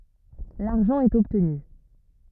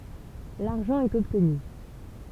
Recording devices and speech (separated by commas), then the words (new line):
rigid in-ear microphone, temple vibration pickup, read sentence
L'argent est obtenu.